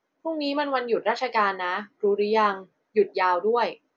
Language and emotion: Thai, neutral